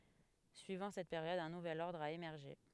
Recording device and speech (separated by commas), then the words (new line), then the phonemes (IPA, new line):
headset microphone, read sentence
Suivant cette période un nouvel ordre a émergé.
syivɑ̃ sɛt peʁjɔd œ̃ nuvɛl ɔʁdʁ a emɛʁʒe